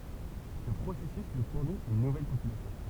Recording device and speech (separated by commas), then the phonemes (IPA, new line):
temple vibration pickup, read sentence
sə pʁosɛsys nu fuʁnit yn nuvɛl popylasjɔ̃